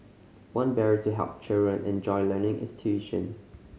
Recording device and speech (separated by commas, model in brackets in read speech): mobile phone (Samsung C5010), read sentence